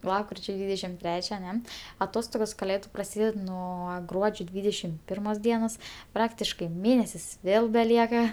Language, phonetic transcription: Lithuanian, ˈlapkričio ˈdvydešim ˈtrečia aˈne aˈtostogos kaˈlėdu praˈsyded ˈnuo ˈgruodžio ˈdvydešim ˈpirmos ˈdienos ˈpraktiškai ˈmėnesis ˈvėl beˈlieka

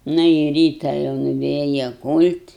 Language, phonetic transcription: Lithuanian, ˈna i ˈryta jau nuˈvėja ˈkūl't'

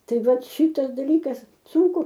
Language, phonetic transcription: Lithuanian, ˈtai ˈvat ˈšitas daˈlykas ˈsunku

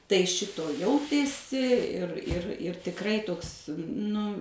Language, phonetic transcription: Lithuanian, tai ˈšito ˈjautėsi ir ir ir tikˈrai ˈtoks ˈnu

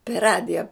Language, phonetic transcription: Lithuanian, per ˈradija

